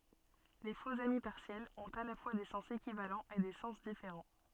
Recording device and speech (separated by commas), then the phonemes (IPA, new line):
soft in-ear microphone, read sentence
le foksami paʁsjɛlz ɔ̃t a la fwa de sɑ̃s ekivalɑ̃z e de sɑ̃s difeʁɑ̃